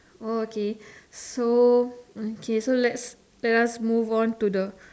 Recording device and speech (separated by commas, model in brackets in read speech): standing microphone, conversation in separate rooms